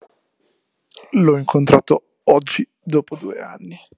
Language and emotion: Italian, disgusted